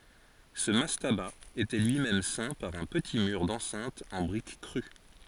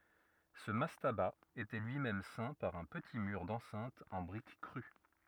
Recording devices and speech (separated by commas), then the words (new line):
forehead accelerometer, rigid in-ear microphone, read sentence
Ce mastaba était lui-même ceint par un petit mur d'enceinte en briques crues.